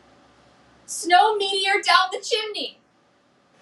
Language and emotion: English, sad